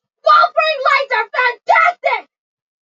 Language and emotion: English, disgusted